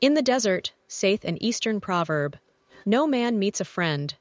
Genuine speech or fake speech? fake